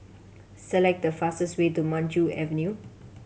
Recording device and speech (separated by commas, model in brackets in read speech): mobile phone (Samsung C7100), read sentence